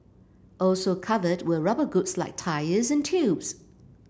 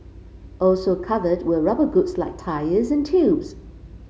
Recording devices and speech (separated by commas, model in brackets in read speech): boundary microphone (BM630), mobile phone (Samsung C5), read sentence